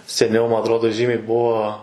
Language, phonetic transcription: Lithuanian, seˈniau ˈma atˈrodo ˈžymiai ˈbuo

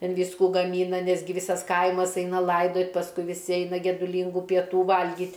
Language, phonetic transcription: Lithuanian, ˈten ˈvyskų gaˈmyna ˈnesgi ˈvysas ˈkaimas ˈeina ˈlaidot' pasˈkui viˈsi ˈeina geduˈlyngų pieˈtų ˈvalgyt'

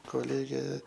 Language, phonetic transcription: Lithuanian, koˈlėgė

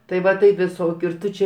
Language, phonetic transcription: Lithuanian, tai ˈva tai viˈsokiu ir ˈtu čia

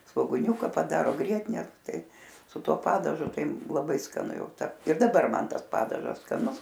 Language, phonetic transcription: Lithuanian, svoguˈniūka paˈdaro ˈgrietine ˈtai su ˈtuo ˈpadažu ˈtai laˈbai skaˈnu ˈjau ˈta ir daˈbar ˈman ˈtas ˈpadažas skaˈnus

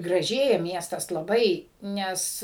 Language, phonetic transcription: Lithuanian, graˈžėja ˈmiestas laˈbai ˈnes

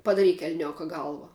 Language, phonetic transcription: Lithuanian, padaˈryk elˈnioka ˈgalva

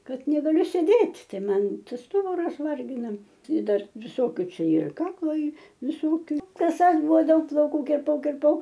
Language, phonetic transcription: Lithuanian, ˈkad negaˈliu sėˈdėt' ˈtai ˈman ˈstuburas ˈvargina i ˈdar viˈsokiu ˈčia ir ˈkaklo ˈy viˈsokiu kaˈsas ˈbuvo ˈdaug plauˈkų kirˈpau kirˈpau

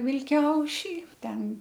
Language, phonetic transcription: Lithuanian, vilˈkiaušy ˈten

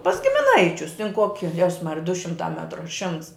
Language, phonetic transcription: Lithuanian, pas gimiˈnaičius tin ˈkoki ˈjezs ˈmarija du ˈšimtā ˈmetru a ˈšimts

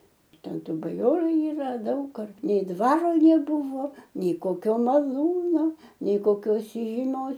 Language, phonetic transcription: Lithuanian, ˈten ˈtų baˈjoru yˈra ˈdaug ar nei ˈdvaro neˈbuvo nei koˈkio maˈlūno nei koˈkios įžyˈmios

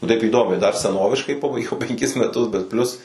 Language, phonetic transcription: Lithuanian, nu taip įˈdomiai dar seˈnoviškai ˈpabaigiau penˈkis meˈtus bet ˈplius

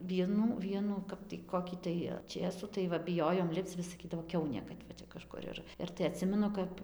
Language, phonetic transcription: Lithuanian, ˈvienų ˈvienų ˈkap tai ˈkokį tai ˈčėsų tai ˈva biˈjojom ˈlipc vis saˈkydavo ˈkiaunė kad va ˈčia kaˈžkur ir ir tai aˈtsimenu ˈkap

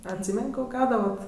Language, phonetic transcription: Lithuanian, atˈsymen' ˈko ˈgaudavat

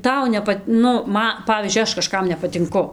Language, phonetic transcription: Lithuanian, ˈtau neˈpat ˈnu ˈma ˈpavyzdžiui ˈaš kaˈžkam nepatinˈku

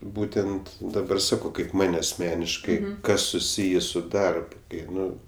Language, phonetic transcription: Lithuanian, ˈbūtent daˈbar ˈsakau kaip ˈman' asˈmeniškai ˈkas suˈsyjė ˈsu ˈdarb ˈkai ˈnu

